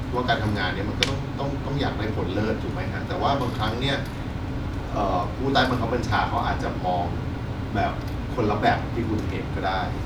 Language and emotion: Thai, neutral